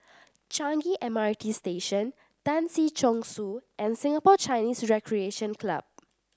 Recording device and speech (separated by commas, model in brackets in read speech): standing microphone (AKG C214), read sentence